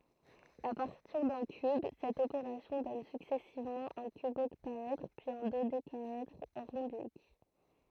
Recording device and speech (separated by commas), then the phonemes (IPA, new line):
throat microphone, read sentence
a paʁtiʁ dœ̃ kyb sɛt opeʁasjɔ̃ dɔn syksɛsivmɑ̃ œ̃ kybɔktaɛdʁ pyiz œ̃ dodekaɛdʁ ʁɔ̃bik